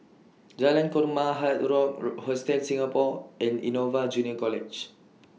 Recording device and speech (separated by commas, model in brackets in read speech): mobile phone (iPhone 6), read sentence